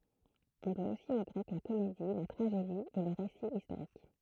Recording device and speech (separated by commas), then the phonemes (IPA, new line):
throat microphone, read sentence
ɔ̃ dwa osi o ɡʁɛk la komedi la tʁaʒedi e lə ʁesi istoʁik